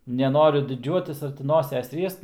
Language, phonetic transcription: Lithuanian, neˈnoriu diˈdžiuotis ar ti ˈnoses ˈriest

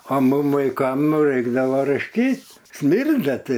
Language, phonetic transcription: Lithuanian, a ˈmum vaiˈkam ˈnu ˈreikdava rašˈkyt ˈsmirda tai

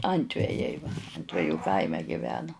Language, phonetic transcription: Lithuanian, ˈantvejai antveˈjų ˈkaime giˈveno

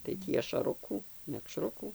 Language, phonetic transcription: Lithuanian, tai ˈtį ašaˈrukų mekˈšrukų

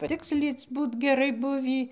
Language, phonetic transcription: Lithuanian, paˈtikslyc ˈbūt geˈrai ˈbuvį

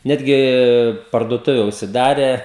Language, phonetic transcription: Lithuanian, ˈnetgi parduoˈtuve užsiˈdare

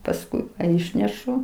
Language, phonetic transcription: Lithuanian, pasˈkui ˈišnešu

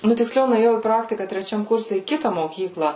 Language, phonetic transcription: Lithuanian, ˈnu tikˈsliau nuėˈjau į ˈpraktika treˈčiam ˈkurse į ˈkita moˈkykla

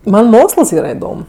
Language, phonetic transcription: Lithuanian, ˈman ˈmoksəls ˈyra iˈdom

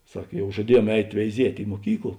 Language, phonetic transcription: Lithuanian, ˈsak ˈjau žaˈdieˌjuom ˈeit' veiˈziet' i muoˈkykl

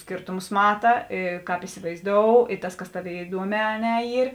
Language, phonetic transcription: Lithuanian, ˈskėrtumus ˈmata ˈė ˈkāp isivaizˈdou i ˈtas ˈkas ˈtaˌvėi iˈduoˌmē a ˈne ˈyr

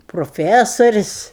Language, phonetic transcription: Lithuanian, proˈfæsoris'

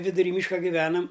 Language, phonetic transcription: Lithuanian, viduˈry ˈmyška giˈvenam

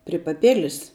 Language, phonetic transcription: Lithuanian, pri paˈpilis

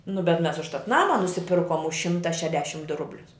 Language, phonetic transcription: Lithuanian, nu bet mes užˈtat ˈnama nusiˈpirkom už ˈšimta šeˈdešm du ˈrublius

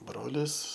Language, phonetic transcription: Lithuanian, ˈbrolis

